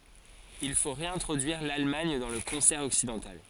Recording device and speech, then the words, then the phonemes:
forehead accelerometer, read sentence
Il faut réintroduire l’Allemagne dans le concert occidental.
il fo ʁeɛ̃tʁodyiʁ lalmaɲ dɑ̃ lə kɔ̃sɛʁ ɔksidɑ̃tal

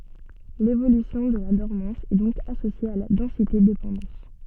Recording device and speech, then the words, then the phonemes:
soft in-ear microphone, read sentence
L’évolution de la dormance est donc associée à la densité-dépendance.
levolysjɔ̃ də la dɔʁmɑ̃s ɛ dɔ̃k asosje a la dɑ̃sitedepɑ̃dɑ̃s

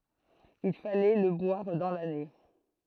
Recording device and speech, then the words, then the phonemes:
throat microphone, read sentence
Il fallait le boire dans l'année.
il falɛ lə bwaʁ dɑ̃ lane

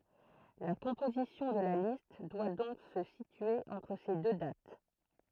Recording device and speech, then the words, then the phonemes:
throat microphone, read sentence
La composition de la liste doit donc se situer entre ces deux dates.
la kɔ̃pozisjɔ̃ də la list dwa dɔ̃k sə sitye ɑ̃tʁ se dø dat

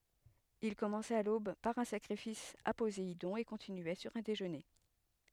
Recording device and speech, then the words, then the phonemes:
headset microphone, read sentence
Ils commençaient à l'aube par un sacrifice à Poséidon, et continuaient sur un déjeuner.
il kɔmɑ̃sɛt a lob paʁ œ̃ sakʁifis a pozeidɔ̃ e kɔ̃tinyɛ syʁ œ̃ deʒøne

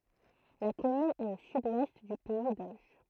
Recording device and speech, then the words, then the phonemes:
throat microphone, read sentence
La commune est au sud-ouest du pays d'Auge.
la kɔmyn ɛt o syd wɛst dy pɛi doʒ

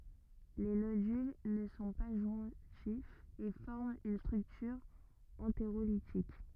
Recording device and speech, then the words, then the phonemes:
rigid in-ear microphone, read sentence
Les nodules ne sont pas jointifs et forment une structure entérolitique.
le nodyl nə sɔ̃ pa ʒwɛ̃tifz e fɔʁmt yn stʁyktyʁ ɑ̃teʁolitik

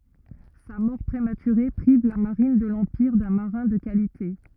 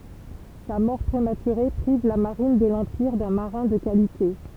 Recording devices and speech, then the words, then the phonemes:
rigid in-ear microphone, temple vibration pickup, read sentence
Sa mort prématurée prive la marine de l’Empire d'un marin de qualité.
sa mɔʁ pʁematyʁe pʁiv la maʁin də lɑ̃piʁ dœ̃ maʁɛ̃ də kalite

